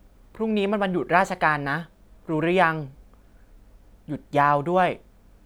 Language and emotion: Thai, neutral